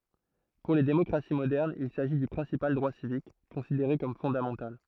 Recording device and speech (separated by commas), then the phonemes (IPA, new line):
throat microphone, read sentence
puʁ le demɔkʁasi modɛʁnz il saʒi dy pʁɛ̃sipal dʁwa sivik kɔ̃sideʁe kɔm fɔ̃damɑ̃tal